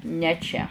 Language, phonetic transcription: Lithuanian, ne ˈčia

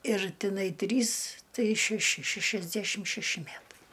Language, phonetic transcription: Lithuanian, ir ˈtinai ˈtrys ˈtai šæˈši ˈšæšiasdæšim šæˈši ˈmætai

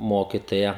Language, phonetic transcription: Lithuanian, ˈmokitoja

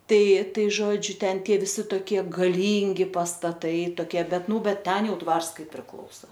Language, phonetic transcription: Lithuanian, ˈtai ˈtai ˈžodžiu ˈten viˈsi toˈkie gaˈlyngi pastaˈtai toˈkie ˈbet ˈnū ˈbet ˈten ˈjau ˈdvars ˈkai priˈklausa

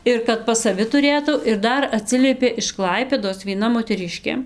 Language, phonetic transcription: Lithuanian, ˈir kad pas saˈvi tuˈrėtau ir ˈdar aˈtsiliepė iš ˈklaipėdos vieˈna moteˈriškė

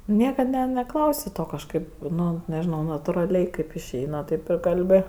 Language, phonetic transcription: Lithuanian, ˈniekad ne neˈklausi ˈto kažˈkaip nu nežiˈnau naturaˈliai kaip išˈeina ˈtaip ir kalˈbi

